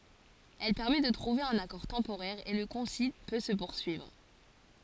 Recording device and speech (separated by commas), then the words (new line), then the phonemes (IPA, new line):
forehead accelerometer, read sentence
Elle permet de trouver un accord temporaire et le concile peut se poursuivre.
ɛl pɛʁmɛ də tʁuve œ̃n akɔʁ tɑ̃poʁɛʁ e lə kɔ̃sil pø sə puʁsyivʁ